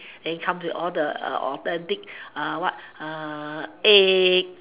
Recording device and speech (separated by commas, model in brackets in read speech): telephone, conversation in separate rooms